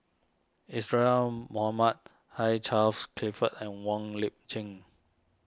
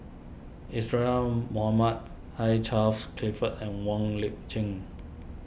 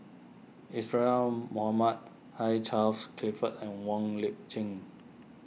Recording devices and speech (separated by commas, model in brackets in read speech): standing microphone (AKG C214), boundary microphone (BM630), mobile phone (iPhone 6), read sentence